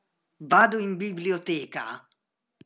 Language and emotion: Italian, angry